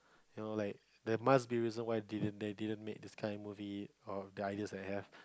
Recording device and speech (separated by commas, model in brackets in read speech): close-talking microphone, conversation in the same room